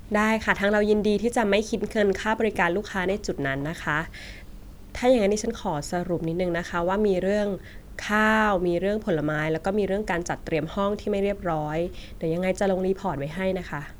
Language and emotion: Thai, neutral